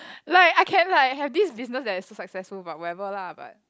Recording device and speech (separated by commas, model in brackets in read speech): close-talking microphone, conversation in the same room